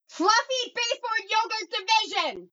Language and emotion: English, neutral